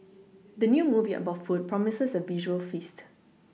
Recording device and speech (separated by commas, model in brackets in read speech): mobile phone (iPhone 6), read sentence